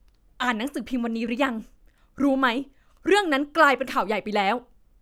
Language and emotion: Thai, frustrated